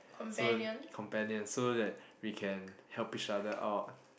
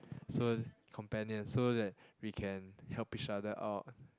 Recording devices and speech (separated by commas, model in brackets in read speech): boundary microphone, close-talking microphone, conversation in the same room